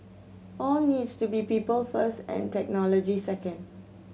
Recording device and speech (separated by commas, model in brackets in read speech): mobile phone (Samsung C7100), read sentence